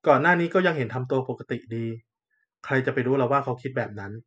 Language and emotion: Thai, neutral